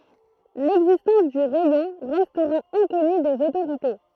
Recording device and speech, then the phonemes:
throat microphone, read sentence
lɛɡzistɑ̃s dy ʁɛjɔ̃ ʁɛstʁa ɛ̃kɔny dez otoʁite

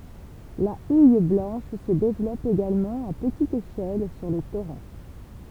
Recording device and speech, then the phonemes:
temple vibration pickup, read sentence
la uj blɑ̃ʃ sə devlɔp eɡalmɑ̃ a pətit eʃɛl syʁ le toʁɑ̃

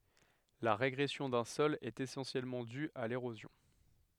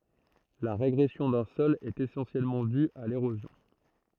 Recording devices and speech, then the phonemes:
headset microphone, throat microphone, read sentence
la ʁeɡʁɛsjɔ̃ dœ̃ sɔl ɛt esɑ̃sjɛlmɑ̃ dy a leʁozjɔ̃

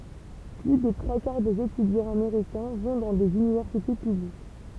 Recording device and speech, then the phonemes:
temple vibration pickup, read sentence
ply de tʁwa kaʁ dez etydjɑ̃z ameʁikɛ̃ vɔ̃ dɑ̃ dez ynivɛʁsite pyblik

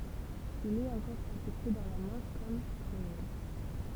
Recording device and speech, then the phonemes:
temple vibration pickup, read sentence
il ɛt ɑ̃kɔʁ atɛste dɑ̃ la mɑ̃ʃ kɔm patʁonim

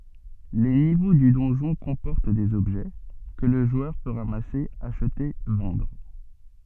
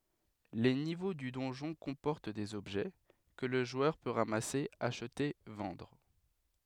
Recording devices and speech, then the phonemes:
soft in-ear microphone, headset microphone, read sentence
le nivo dy dɔ̃ʒɔ̃ kɔ̃pɔʁt dez ɔbʒɛ kə lə ʒwœʁ pø ʁamase aʃte vɑ̃dʁ

